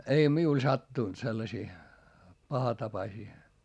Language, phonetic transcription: Finnish, ei miul sattùnt sellasii , pahatapasii .
- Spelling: ei minulle sattunut sellaisia pahatapaisia

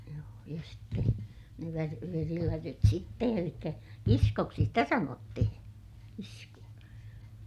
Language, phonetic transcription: Finnish, joo ja sitte , ne vär- , verilätyt sitte elikkä , kiskoksi sitä sanottihiḭ , kisku₍a .
- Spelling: joo ja sitten ne - verilätyt sitten eli kiskoksi sitä sanottiin kiskoa

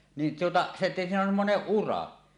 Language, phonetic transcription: Finnish, nin tuota , se siinä on 'semmoneˀ "ˀura .
- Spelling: niin tuota se siinä on semmoinen ura

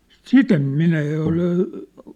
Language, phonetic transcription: Finnish, sit ‿em "minä ja ol ,.
- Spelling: sitä en minä ja ole

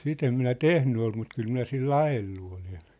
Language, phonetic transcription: Finnish, sit ‿em minä "tehny ol mut 'kyl 'minä 'sil"l ‿ajellu olen .
- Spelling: sitä en minä tehnyt ole mutta kyllä minä sillä ajellut olen

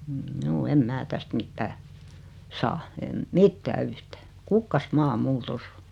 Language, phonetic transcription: Finnish, mjuu 'em "mää 'täst "mittää , "saa , 'em , "mittää "yhtää , "kukkas"maa 'mul "tos ‿o .
- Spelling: juu en minä tästä mitään saa en mitään yhtään kukkasmaa minulla tuossa on

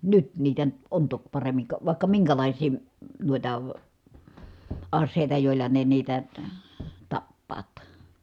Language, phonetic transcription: Finnish, nyt niitä , on tok paremmiŋ ka vài̮kka miŋkälàisii , m̥ nuita , as̆sèi̮ta jòi̮lla ne niitä , (ta-) , tappaat .
- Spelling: nyt niitä on toki paremmin ka vaikka minkälaisia - noita aseita joilla ne niitä - tappavat

